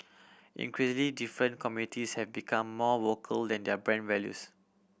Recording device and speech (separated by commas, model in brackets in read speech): boundary microphone (BM630), read sentence